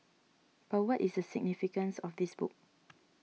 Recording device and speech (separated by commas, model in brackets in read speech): mobile phone (iPhone 6), read sentence